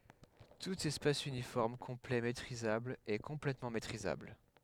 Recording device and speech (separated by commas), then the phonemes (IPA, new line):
headset microphone, read sentence
tut ɛspas ynifɔʁm kɔ̃plɛ metʁizabl ɛ kɔ̃plɛtmɑ̃ metʁizabl